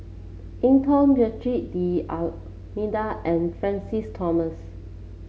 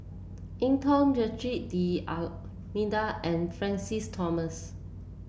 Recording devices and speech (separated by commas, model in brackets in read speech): mobile phone (Samsung C7), boundary microphone (BM630), read sentence